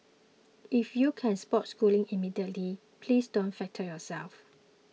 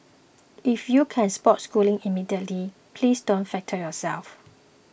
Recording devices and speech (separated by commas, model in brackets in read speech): mobile phone (iPhone 6), boundary microphone (BM630), read sentence